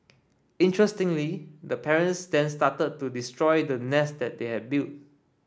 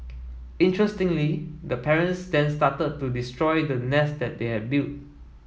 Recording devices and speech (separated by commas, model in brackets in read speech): standing microphone (AKG C214), mobile phone (iPhone 7), read sentence